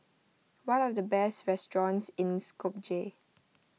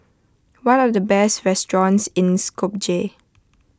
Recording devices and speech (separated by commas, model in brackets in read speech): mobile phone (iPhone 6), close-talking microphone (WH20), read sentence